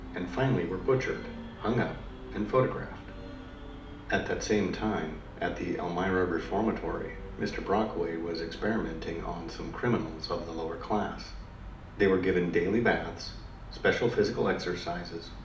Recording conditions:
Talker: one person; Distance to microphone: 2.0 m; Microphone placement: close; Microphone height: 99 cm; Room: medium-sized (5.7 m by 4.0 m); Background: music

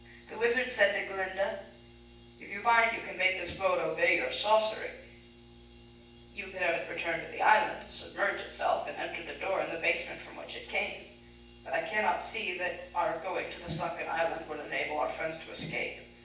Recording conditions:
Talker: one person; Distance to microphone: 9.8 m; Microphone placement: far; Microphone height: 1.8 m; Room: large; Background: none

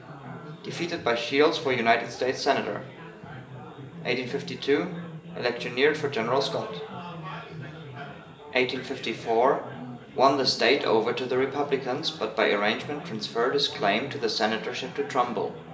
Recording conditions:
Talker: one person; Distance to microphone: 1.8 m; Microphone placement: close; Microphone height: 1.0 m; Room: large; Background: babble

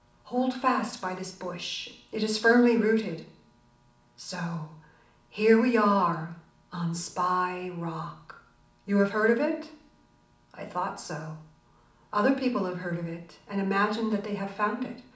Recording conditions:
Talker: one person; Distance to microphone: 2.0 m; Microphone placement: close; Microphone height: 99 cm; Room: medium-sized (5.7 m by 4.0 m); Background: none

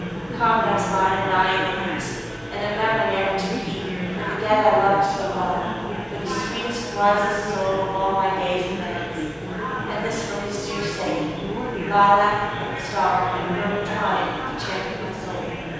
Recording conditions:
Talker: one person; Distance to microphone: 7.1 m; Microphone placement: far; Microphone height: 1.7 m; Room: very reverberant, large; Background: babble

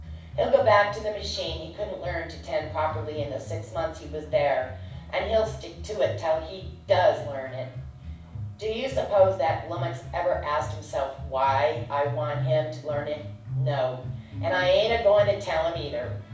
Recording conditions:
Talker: one person; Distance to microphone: 5.8 m; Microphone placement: far; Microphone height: 1.8 m; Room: medium-sized (5.7 m by 4.0 m); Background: music

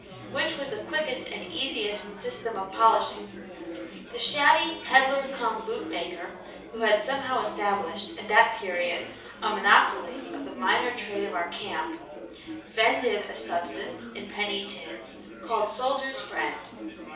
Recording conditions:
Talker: one person; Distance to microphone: 3.0 m; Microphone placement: far; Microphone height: 1.8 m; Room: small (3.7 m by 2.7 m); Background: babble

